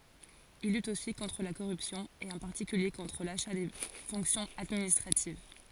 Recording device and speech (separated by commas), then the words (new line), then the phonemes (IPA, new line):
forehead accelerometer, read sentence
Il lutte aussi contre la corruption et en particulier contre l’achat des fonctions administratives.
il lyt osi kɔ̃tʁ la koʁypsjɔ̃ e ɑ̃ paʁtikylje kɔ̃tʁ laʃa de fɔ̃ksjɔ̃z administʁativ